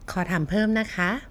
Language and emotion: Thai, neutral